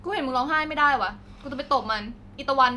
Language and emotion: Thai, angry